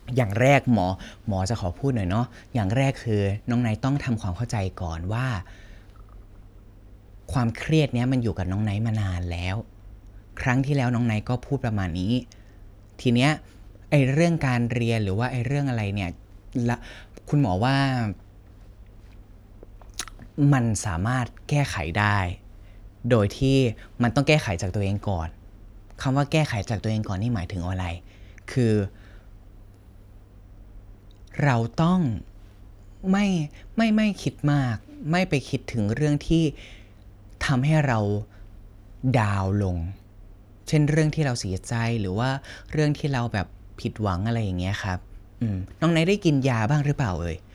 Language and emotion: Thai, neutral